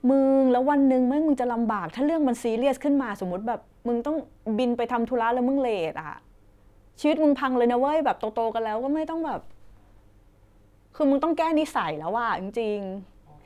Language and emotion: Thai, frustrated